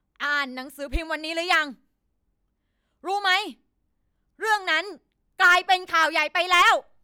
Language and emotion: Thai, angry